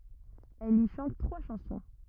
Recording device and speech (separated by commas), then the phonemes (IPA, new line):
rigid in-ear microphone, read sentence
ɛl i ʃɑ̃t tʁwa ʃɑ̃sɔ̃